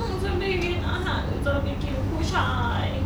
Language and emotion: Thai, sad